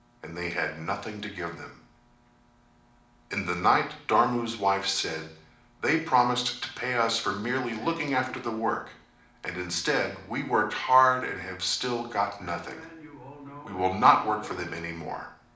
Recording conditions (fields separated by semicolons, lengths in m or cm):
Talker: one person; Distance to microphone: 2.0 m; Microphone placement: close; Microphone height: 99 cm; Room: medium-sized (5.7 m by 4.0 m); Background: television